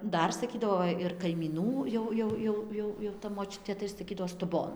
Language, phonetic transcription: Lithuanian, ˈdar saˈkydavo ˈva ir kaimyˈnų jau ˈjau ˈjau ˈjau jau ta moˈčiutė tai saˈkydavo stuˈbon

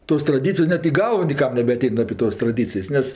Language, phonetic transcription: Lithuanian, 'tos traˈdycijos ˈnet į ˈgalvo nėˈkam nebeaˈtein apė ˈtos traˈdycijs' ˈnes

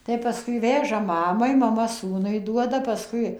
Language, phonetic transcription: Lithuanian, tai ˈpaskui ˈveža ˈmamai maˈma ˈsūnui ˈduoda paˈskui

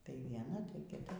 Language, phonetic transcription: Lithuanian, tai vieˈna tai kiˈta

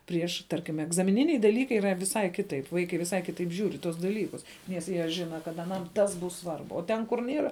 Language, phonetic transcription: Lithuanian, ˈprieš ˈtarkim egzamiˈniniai daˈlykai yˈra viˈsai ˈkitaip ˈvaikai viˈsai ˈkitaip žiūr i tuos daˈlykus nes ˈjie ˈžina kad aˈnam ˈtas ˈbus ˈsvarbu o ˈten kur ˈniera

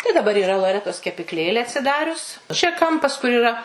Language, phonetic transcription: Lithuanian, tai daˈbar yˈra loˈretos kepikˈlėlė atsiˈdarius čia ˈkampas kur yˈra

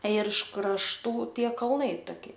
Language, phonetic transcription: Lithuanian, ir iš krašˈtų ˈtie kalˈnai toˈki

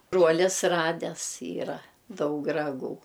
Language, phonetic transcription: Lithuanian, ˈbruolis ˈrades ˈyra ˈdaug raˈgų

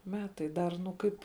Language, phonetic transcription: Lithuanian, ˈmetai ˈdar nu ˈkaip

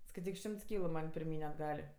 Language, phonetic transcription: Lithuanian, skaiˈtyk ˈšimts ˈkylu man' pirˈmyn' atˈgal'

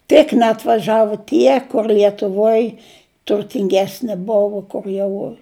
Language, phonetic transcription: Lithuanian, tik neatvaˈžavu ˈtie kur lietuˈvoj turtinˈgesni ˈbuvu kur ˈjau

